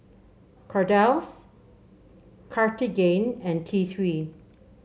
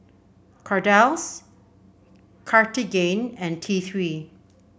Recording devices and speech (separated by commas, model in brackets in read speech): mobile phone (Samsung C7), boundary microphone (BM630), read sentence